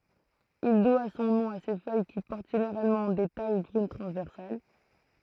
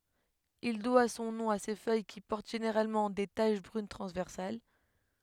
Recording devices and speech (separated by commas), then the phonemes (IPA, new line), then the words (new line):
throat microphone, headset microphone, read sentence
il dwa sɔ̃ nɔ̃ a se fœj ki pɔʁt ʒeneʁalmɑ̃ de taʃ bʁyn tʁɑ̃zvɛʁsal
Il doit son nom à ses feuilles qui portent généralement des taches brunes transversales.